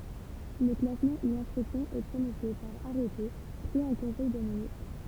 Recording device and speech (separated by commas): temple vibration pickup, read sentence